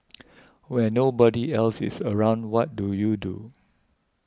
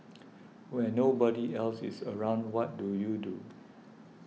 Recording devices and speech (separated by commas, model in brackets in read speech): close-talking microphone (WH20), mobile phone (iPhone 6), read sentence